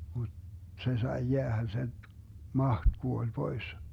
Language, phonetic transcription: Finnish, mut 'se sai 'jeähä 'sen̬ , 'maht 'kuoĺ "pois .
- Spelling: mutta se sai jäädä sen mahti kuoli pois

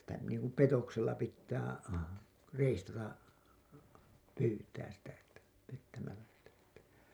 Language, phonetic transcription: Finnish, Että sitä niiŋku "petoksella pittää 'reistata , 'pyytääs sitä , että , pettämällä sitä et(tä) .
- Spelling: että sitä niin kuin petoksella pitää reistata pyytää sitä että pettämällä sitä että

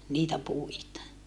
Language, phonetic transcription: Finnish, niitä puita .
- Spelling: niitä puita

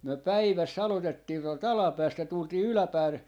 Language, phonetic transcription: Finnish, 'myö "päiväs's ‿alotettii tuolt "alapäästä 'tultii "yläpääle , .
- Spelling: me päivässä aloitettiin tuolta alapäästä tultiin yläpäälle

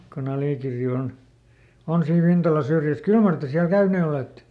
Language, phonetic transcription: Finnish, koˈn ‿Alìkirri on , "on siin ˈVintala ˈsyrj̀äs "kyl mar te siäl ˈkäynee olètte ?
- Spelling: kun Alikirri on on siinä Vintalan syrjässä kyllä mar te siellä käyneet olette

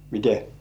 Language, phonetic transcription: Finnish, mite ?
- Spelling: miten

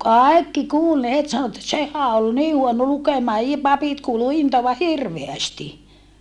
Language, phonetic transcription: Finnish, kài̮kki kuul ne het sano että » sehä ol nii huono lukemaa i - papit kuulu intoava hirveästi .
- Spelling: kaikki kuuli ne heti sanoi että sehän oli niin huono lukemaan - papit kuului intoavan hirveästi

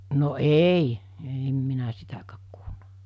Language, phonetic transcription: Finnish, no 'èi , 'ei (e)m minä 'sitäkääk kuulna .
- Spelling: no ei ei en minä sitäkään kuullut

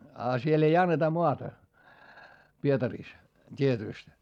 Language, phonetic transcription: Finnish, a siel ‿ei anneta moata , Pietarìs , t́ietỳst .
- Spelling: ja siellä ei anneta maata Pietarissa tietysti

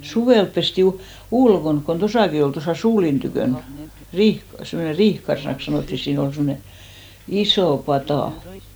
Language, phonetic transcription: Finnish, "suvèlp pesti , "ulkonk kon 'tosàki 'ol tosà "suulin tykö̀n , 'riih- , semmone "riihkarsⁱnaks 'sanòtti , sii'n ‿ol semne , "isò 'patà .
- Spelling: suvella pestiin ulkona kun tuossakin oli tuossa suulin tykönä - semmoinen riihikarsinaksi sanottiin siinä oli semmoinen iso pata

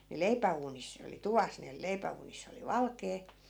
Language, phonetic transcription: Finnish, ni 'leipä₍uunis ne oli "tuvas ne 'leipä₍uuniss ‿oli "valkee .
- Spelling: niin leipäuunissa ne oli tuvassa ne leipäuunissa oli valkea

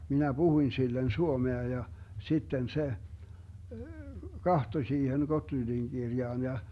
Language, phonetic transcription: Finnish, 'minä "Buhuⁱn sillen 'suomea ja , 'sitten se , "kahtoⁱ 'siihen "Gotlyndiŋ 'Girjaan ja .
- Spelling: minä puhuin sille suomea ja sitten se katsoi siihen Gottlundin kirjaan ja

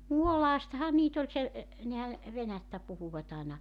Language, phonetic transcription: Finnish, "Muolaastaha 'niit ‿oĺ se , e , nehä , 'venättä 'puhuvat ‿àena ,.
- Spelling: Muolaastahan niitä oli se e nehän venäjää puhuivat aina

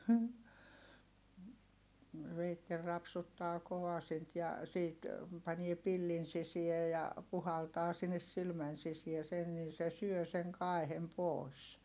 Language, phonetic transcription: Finnish, veittel rapsuttaa kovasint ja , siit , panie pillin sisie ja , puhaltaa sinnes silmän sisiä sen nin se syö siŋ kài̮hem pòi̮s .
- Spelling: veitsellä rapsuttaa kovasinta ja siitä panee pillin sisään ja puhaltaa sinne silmän sisään sen niin se syö sen kaihen pois

